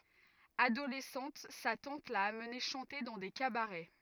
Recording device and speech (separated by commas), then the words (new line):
rigid in-ear microphone, read sentence
Adolescente, sa tante l'a amené chanter dans des cabarets.